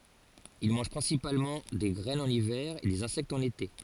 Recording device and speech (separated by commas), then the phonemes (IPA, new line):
forehead accelerometer, read sentence
il mɑ̃ʒ pʁɛ̃sipalmɑ̃ de ɡʁɛnz ɑ̃n ivɛʁ e dez ɛ̃sɛktz ɑ̃n ete